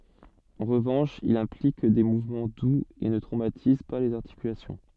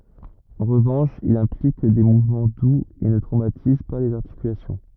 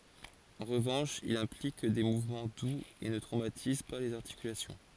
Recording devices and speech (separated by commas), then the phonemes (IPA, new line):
soft in-ear microphone, rigid in-ear microphone, forehead accelerometer, read sentence
ɑ̃ ʁəvɑ̃ʃ il ɛ̃plik de muvmɑ̃ duz e nə tʁomatiz pa lez aʁtikylasjɔ̃